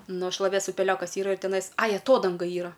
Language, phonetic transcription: Lithuanian, ˈnu šlaˈvės upeˈliokas ˈyra ir teˈnais ˈai aˈtodanga ˈyra

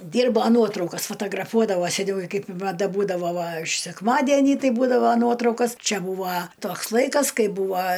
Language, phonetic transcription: Lithuanian, ˈdyrbo ˈnuotraukas fatagraˈfuodavo seˈniau i kaip maˈda ˈbūdavo va š sekˈmadenį ˈtai ˈbūdavo ˈnuotraukos ˈčia ˈbūva ˈtoks ˈlaikas ˈkai ˈbūva

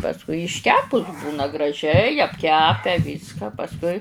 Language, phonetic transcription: Lithuanian, pasˈkui išˈkepus ˈbūna graˈžiai apˈkepe ˈvyska pasˈkui

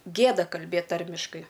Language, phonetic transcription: Lithuanian, ˈgėda kalˈbėt ˈtarmiškai

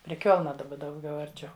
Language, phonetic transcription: Lithuanian, pri ˈkiolna daˈba dauˈgiau arˈčiau

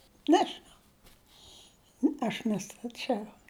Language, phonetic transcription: Lithuanian, ˈnežinau ˈaš nestaˈčiau

